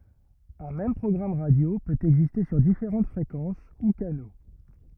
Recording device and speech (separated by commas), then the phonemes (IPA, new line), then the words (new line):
rigid in-ear microphone, read sentence
œ̃ mɛm pʁɔɡʁam ʁadjo pøt ɛɡziste syʁ difeʁɑ̃t fʁekɑ̃s u kano
Un même programme radio peut exister sur différentes fréquences ou canaux.